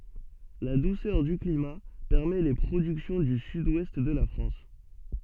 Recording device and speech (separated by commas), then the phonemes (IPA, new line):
soft in-ear microphone, read sentence
la dusœʁ dy klima pɛʁmɛ le pʁodyksjɔ̃ dy syd wɛst də la fʁɑ̃s